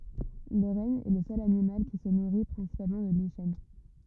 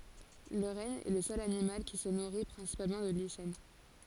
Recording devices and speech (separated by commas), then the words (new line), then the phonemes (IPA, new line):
rigid in-ear microphone, forehead accelerometer, read sentence
Le renne est le seul animal qui se nourrit principalement de lichens.
lə ʁɛn ɛ lə sœl animal ki sə nuʁi pʁɛ̃sipalmɑ̃ də liʃɛn